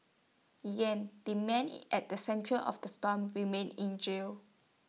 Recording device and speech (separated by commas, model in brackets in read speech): mobile phone (iPhone 6), read sentence